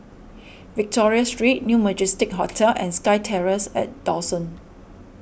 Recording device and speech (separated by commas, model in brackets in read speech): boundary microphone (BM630), read sentence